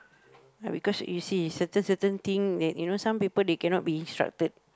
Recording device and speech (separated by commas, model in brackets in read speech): close-talking microphone, conversation in the same room